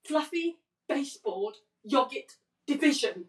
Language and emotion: English, angry